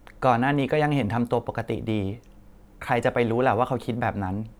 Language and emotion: Thai, neutral